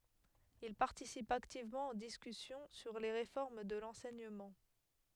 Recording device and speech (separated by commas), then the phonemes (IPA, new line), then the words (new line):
headset microphone, read sentence
il paʁtisip aktivmɑ̃ o diskysjɔ̃ syʁ le ʁefɔʁm də lɑ̃sɛɲəmɑ̃
Il participe activement aux discussions sur les réformes de l’enseignement.